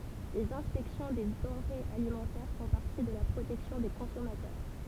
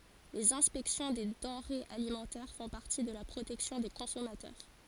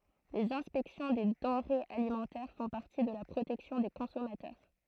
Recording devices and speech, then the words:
temple vibration pickup, forehead accelerometer, throat microphone, read sentence
Les inspections des denrées alimentaires font partie de la protection des consommateurs.

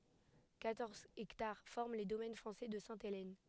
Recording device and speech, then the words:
headset microphone, read sentence
Quatorze hectares forment les domaines français de Sainte-Hélène.

